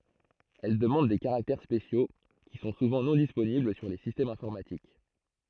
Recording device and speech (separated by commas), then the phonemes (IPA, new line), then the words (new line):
throat microphone, read sentence
ɛl dəmɑ̃d de kaʁaktɛʁ spesjo ki sɔ̃ suvɑ̃ nɔ̃ disponibl syʁ le sistɛmz ɛ̃fɔʁmatik
Elle demande des caractères spéciaux, qui sont souvent non disponibles sur les systèmes informatiques.